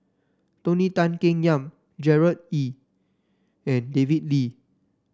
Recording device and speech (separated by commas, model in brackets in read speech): standing microphone (AKG C214), read sentence